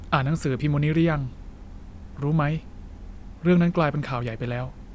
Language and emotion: Thai, neutral